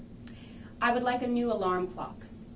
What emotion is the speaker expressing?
neutral